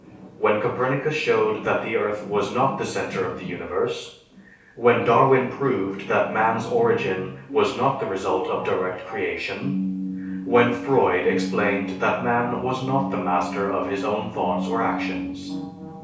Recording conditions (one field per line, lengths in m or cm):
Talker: one person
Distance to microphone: 3.0 m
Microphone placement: far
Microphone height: 1.8 m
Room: small (3.7 m by 2.7 m)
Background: television